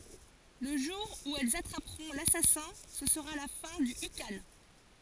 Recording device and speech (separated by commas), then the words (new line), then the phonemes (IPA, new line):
forehead accelerometer, read sentence
Le jour où elles attraperont l'assassin, ce sera la fin du ikhan.
lə ʒuʁ u ɛlz atʁapʁɔ̃ lasasɛ̃ sə səʁa la fɛ̃ dy ikɑ̃